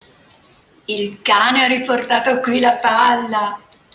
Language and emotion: Italian, happy